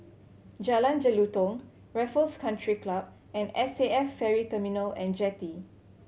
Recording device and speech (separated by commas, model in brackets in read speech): mobile phone (Samsung C7100), read sentence